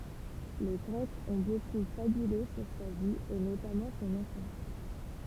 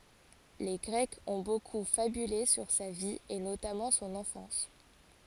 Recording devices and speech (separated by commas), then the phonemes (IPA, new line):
temple vibration pickup, forehead accelerometer, read sentence
le ɡʁɛkz ɔ̃ boku fabyle syʁ sa vi e notamɑ̃ sɔ̃n ɑ̃fɑ̃s